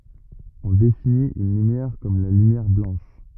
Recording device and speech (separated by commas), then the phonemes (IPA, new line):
rigid in-ear microphone, read sentence
ɔ̃ definit yn lymjɛʁ kɔm la lymjɛʁ blɑ̃ʃ